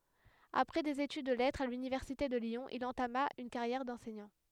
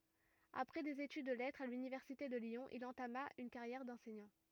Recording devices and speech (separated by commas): headset microphone, rigid in-ear microphone, read sentence